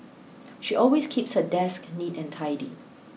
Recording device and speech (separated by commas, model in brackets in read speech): mobile phone (iPhone 6), read sentence